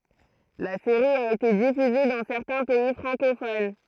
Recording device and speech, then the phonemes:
throat microphone, read sentence
la seʁi a ete difyze dɑ̃ sɛʁtɛ̃ pɛi fʁɑ̃kofon

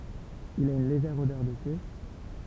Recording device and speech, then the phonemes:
temple vibration pickup, read sentence
il a yn leʒɛʁ odœʁ də siʁ

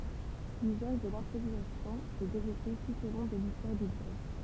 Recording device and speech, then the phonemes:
temple vibration pickup, read sentence
lyzaʒ də lɛ̃pʁovizasjɔ̃ sɛ devlɔpe tut o lɔ̃ də listwaʁ dy dʒaz

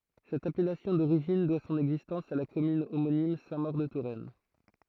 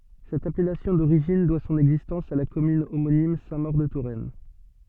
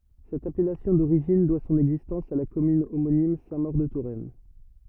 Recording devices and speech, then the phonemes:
throat microphone, soft in-ear microphone, rigid in-ear microphone, read sentence
sɛt apɛlasjɔ̃ doʁiʒin dwa sɔ̃n ɛɡzistɑ̃s a la kɔmyn omonim sɛ̃tmoʁədətuʁɛn

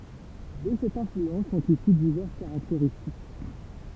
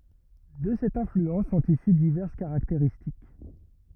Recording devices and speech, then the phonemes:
temple vibration pickup, rigid in-ear microphone, read sentence
də sɛt ɛ̃flyɑ̃s sɔ̃t isy divɛʁs kaʁakteʁistik

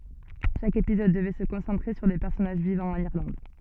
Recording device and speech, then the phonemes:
soft in-ear microphone, read sentence
ʃak epizɔd dəvɛ sə kɔ̃sɑ̃tʁe syʁ de pɛʁsɔnaʒ vivɑ̃ ɑ̃n iʁlɑ̃d

